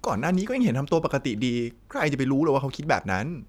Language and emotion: Thai, frustrated